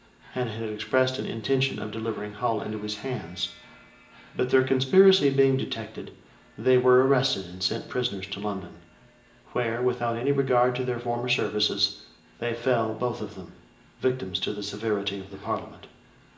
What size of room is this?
A large room.